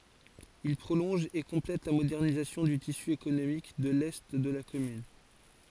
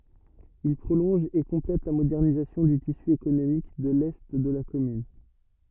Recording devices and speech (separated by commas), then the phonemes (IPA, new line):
forehead accelerometer, rigid in-ear microphone, read sentence
il pʁolɔ̃ʒ e kɔ̃plɛt la modɛʁnizasjɔ̃ dy tisy ekonomik də lɛ də la kɔmyn